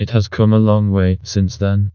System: TTS, vocoder